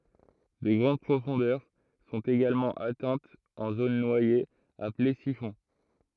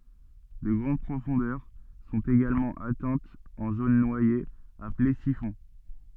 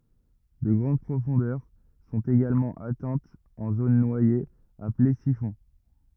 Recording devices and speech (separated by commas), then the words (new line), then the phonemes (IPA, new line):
throat microphone, soft in-ear microphone, rigid in-ear microphone, read sentence
De grandes profondeurs sont également atteintes en zones noyées, appelées siphons.
də ɡʁɑ̃d pʁofɔ̃dœʁ sɔ̃t eɡalmɑ̃ atɛ̃tz ɑ̃ zon nwajez aple sifɔ̃